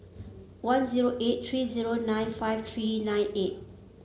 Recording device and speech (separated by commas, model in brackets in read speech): mobile phone (Samsung C7), read sentence